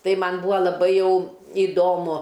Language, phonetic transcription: Lithuanian, ˈtai ˈman ˈbūa laˈbai ˈjau iˈdomu

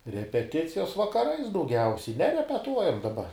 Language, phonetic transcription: Lithuanian, repeˈticijos vakaˈrais dauˈgiausiai nerepeˈtuojam daˈba

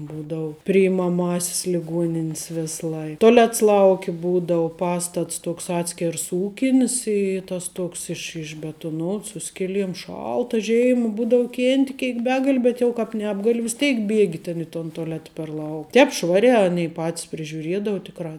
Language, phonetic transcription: Lithuanian, ˈbūdau priimaˈmasis liˈguoninis ˈvės ˈlai toˈlets ˈlauki ˈbūdau ˈpastats ˈtuoks ˈatskers ˈūkinis i ˈtas ˈtoks iš išbetuˈnots ˈsu skiˌliem ˈšalta ˈžėima ˈbūdau ˈkėnti ˈkėik ˈbegali ˈbet jau kāp ˈnebgali vis ˈtėik ˈbiegi ten i ton toˈleta per lau ˈtēp ˈšvariā ˈanei ˈpatis prižiuˈriedau ˈtikrā

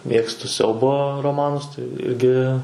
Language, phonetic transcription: Lithuanian, ˈmėgstu ˈsiaubo roˈmanus tai ˈirgi

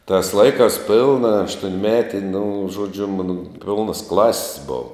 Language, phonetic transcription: Lithuanian, tās ˈlaikās ˈpilna aštuonˈmeti nu ˈžuodžiu ˈmano ˈpilnas ˈklasis ˈbova

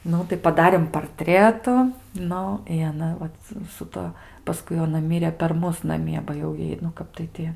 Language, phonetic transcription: Lithuanian, ˈnu tai paˈdarėm parˈtretu ˈnu i aˈna ˈvat su ˈtuo paˈskui jau aˈna ˈmire per ˈmus naˈmie ba jau ˈjai nu ˈkap tai ti

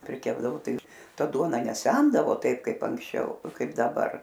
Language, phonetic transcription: Lithuanian, priˈkepdavo ˈtai ir ˈta ˈduona neˈsendavo ˈtaip ˈkaip anksˈčiau ˈkaip daˈbar

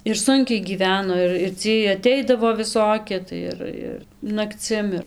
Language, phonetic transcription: Lithuanian, ir ˈsunkiai gyˈveno ir ir ˈciej aˈteidavo viˈsoki tai ˈir ir nakˈcim ir

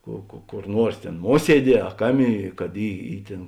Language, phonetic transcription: Lithuanian, ko ko ˈkor ˈnuors ˈtėn ˈmuosieˌdie a ˈkaˌmė kad ˈy ˈy ˈtėn

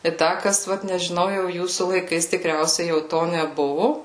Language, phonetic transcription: Lithuanian, i ˈda ˈkas ˈvat nežiˈnau jau ˈjūsų laiˈkais tiˈkriausiai jau ˈto neˈbuvu

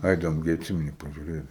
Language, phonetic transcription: Lithuanian, ˈaidavom ˈgi atˈsimeni pažiuˈrėt

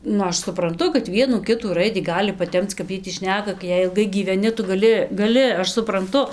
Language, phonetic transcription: Lithuanian, ˈnu ˈaš supranˈtu kad ˈvienų ˈkitų ˈraidį ˈgali paˈtemc kap ˈjiej tį ˈšneka gi ˈjei ilˈgai gyveˈni ˈtu gaˈli gaˈli ˈaš supranˈtu

